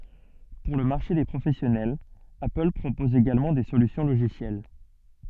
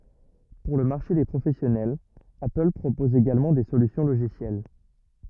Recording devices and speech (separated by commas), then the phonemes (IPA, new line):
soft in-ear microphone, rigid in-ear microphone, read sentence
puʁ lə maʁʃe de pʁofɛsjɔnɛl apəl pʁopɔz eɡalmɑ̃ de solysjɔ̃ loʒisjɛl